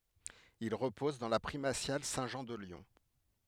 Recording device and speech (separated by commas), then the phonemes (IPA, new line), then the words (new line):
headset microphone, read sentence
il ʁəpɔz dɑ̃ la pʁimasjal sɛ̃tʒɑ̃ də ljɔ̃
Il repose dans la Primatiale Saint-Jean de Lyon.